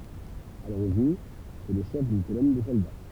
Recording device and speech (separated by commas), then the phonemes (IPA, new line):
temple vibration pickup, read sentence
a loʁiʒin sɛ lə ʃɛf dyn kolɔn də sɔlda